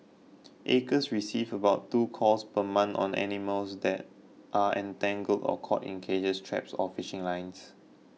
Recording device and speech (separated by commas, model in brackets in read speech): mobile phone (iPhone 6), read sentence